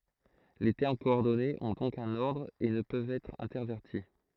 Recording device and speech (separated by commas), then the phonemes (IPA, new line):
throat microphone, read sentence
le tɛʁm kɔɔʁdɔnez ɔ̃ dɔ̃k œ̃n ɔʁdʁ e nə pøvt ɛtʁ ɛ̃tɛʁvɛʁti